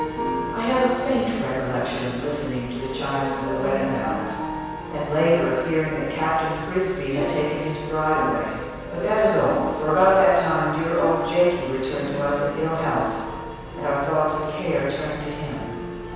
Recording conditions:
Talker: one person; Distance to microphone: 7.1 m; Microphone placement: far; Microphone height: 1.7 m; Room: very reverberant, large; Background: music

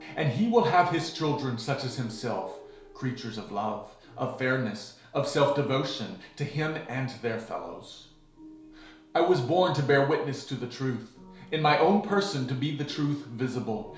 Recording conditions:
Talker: one person; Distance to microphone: 1.0 m; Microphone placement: close; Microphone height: 1.1 m; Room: small (3.7 m by 2.7 m); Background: music

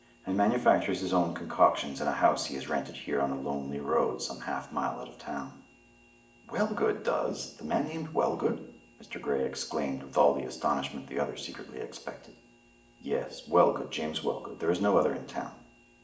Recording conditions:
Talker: one person; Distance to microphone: 1.8 m; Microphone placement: close; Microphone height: 1.0 m; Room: large; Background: none

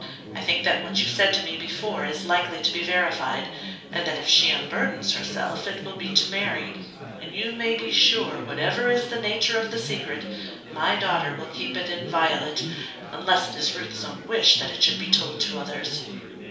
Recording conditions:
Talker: one person; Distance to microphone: 3.0 m; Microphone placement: far; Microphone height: 1.8 m; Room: small (3.7 m by 2.7 m); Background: babble

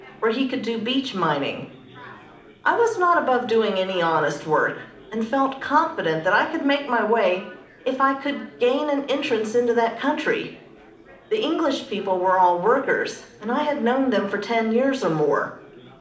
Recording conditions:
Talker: one person; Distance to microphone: 2.0 m; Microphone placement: close; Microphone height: 99 cm; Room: medium-sized (5.7 m by 4.0 m); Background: babble

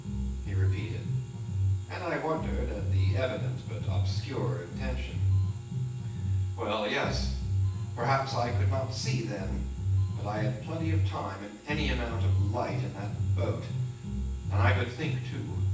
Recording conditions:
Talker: one person; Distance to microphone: 9.8 m; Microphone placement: far; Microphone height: 1.8 m; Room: large; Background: music

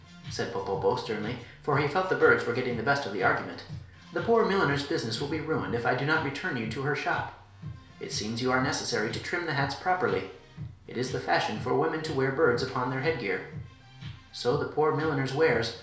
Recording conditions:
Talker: one person; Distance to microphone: 1.0 m; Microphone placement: close; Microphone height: 1.1 m; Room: small (3.7 m by 2.7 m); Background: music

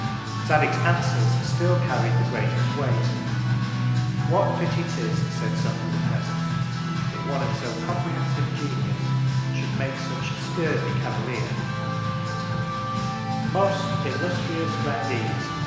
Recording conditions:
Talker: one person; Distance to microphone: 1.7 m; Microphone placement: close; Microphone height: 1.0 m; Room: very reverberant, large; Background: music

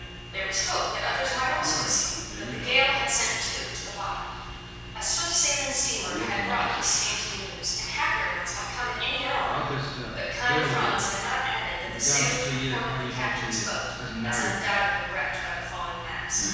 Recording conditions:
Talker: one person; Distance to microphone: 7.1 m; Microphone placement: far; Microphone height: 1.7 m; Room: very reverberant, large; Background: television

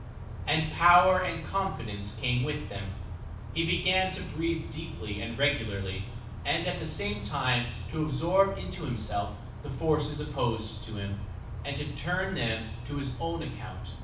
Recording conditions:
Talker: one person; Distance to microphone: 5.8 m; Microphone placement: far; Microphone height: 1.8 m; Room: medium-sized (5.7 m by 4.0 m); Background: none

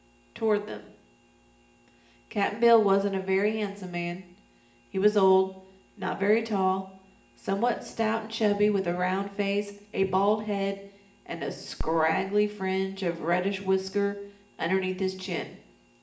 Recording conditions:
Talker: one person; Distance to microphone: 1.8 m; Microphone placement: close; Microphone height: 1.0 m; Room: large; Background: none

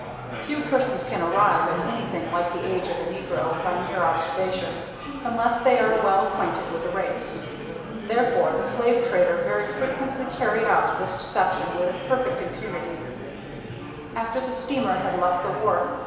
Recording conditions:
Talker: one person; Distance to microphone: 1.7 m; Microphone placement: close; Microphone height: 1.0 m; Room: very reverberant, large; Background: babble

